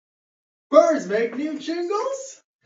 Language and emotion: English, surprised